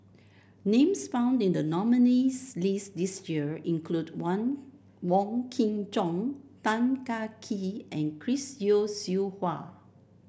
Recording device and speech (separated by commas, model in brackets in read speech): boundary microphone (BM630), read sentence